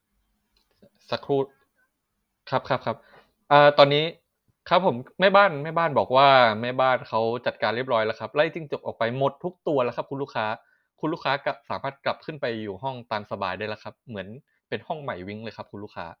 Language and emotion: Thai, neutral